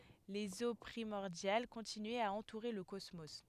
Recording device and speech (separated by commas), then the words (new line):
headset microphone, read sentence
Les eaux primordiales continuaient à entourer le cosmos.